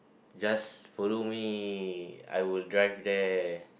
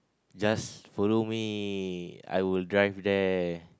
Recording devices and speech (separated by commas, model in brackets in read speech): boundary microphone, close-talking microphone, conversation in the same room